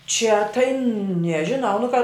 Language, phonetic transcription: Lithuanian, čia tai nežiˈnau nu ka

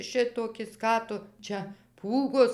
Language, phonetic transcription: Lithuanian, ˈšitokis ˈką tu ˈčia ˈpūgos

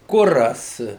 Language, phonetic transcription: Lithuanian, ˈkuras

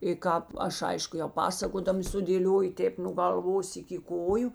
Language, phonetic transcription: Lithuanian, i ˈkāp ˈaš ˈaišku jau ˈpasakodama sudėˈlioju ˈtėp nu galˈvos iki ˈkoju

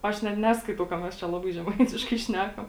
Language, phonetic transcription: Lithuanian, ˈaš net ˈneskaitau ka mes ˈčia ˈlabai žeˈmaitiškai ˈšnekam

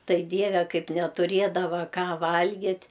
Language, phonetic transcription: Lithuanian, ˈtai ˈdieve ˈkaip netuˈriedava ˈką ˈvalgit'

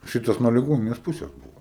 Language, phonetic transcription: Lithuanian, ˈšitas nuo liˈgonines ˈpuses ˈbuvo

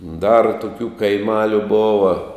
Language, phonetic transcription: Lithuanian, dar tuˈkių kaiˈmaliu ˈbova

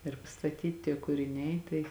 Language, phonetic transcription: Lithuanian, ir pastaˈtyt tie kuriˈniai ˈtai

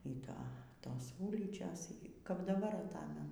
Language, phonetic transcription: Lithuanian, y ˈto ˈtos ˈūlyčios y kap daˈbar aˈtamenu

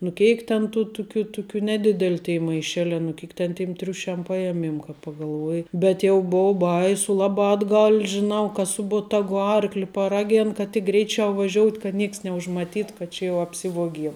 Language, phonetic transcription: Lithuanian, nu ˈkeik ten ˈtų ˈtukiu ˈtukiu neˈdidel' tėi maiˈšelē nu ˈkėk ten tim ˈtriušiam ˈpajemiem ka pagalˈvuoji bet ˈjau ˈbou ˈbaisu ˈlabā atˈgal' žiˈnau ka ˈsu botagu ˈarkli paˈragėn kad tik ˈgreičiau vaˈžiout' kad ˈnieks neužmaˈtyt kad ˈčia jau apˈsivuogiem

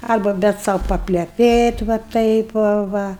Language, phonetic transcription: Lithuanian, ˈarba ˈbet sau papleˈpėt va ˈtaip va ˈva

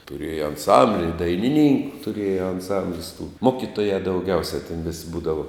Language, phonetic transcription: Lithuanian, tuˈrėja anˈsambli ir dainiˈnynku tuˈrėja anˈsamblis tų ˈmokitoja dauˈgiausia ten vis' ˈbūdava

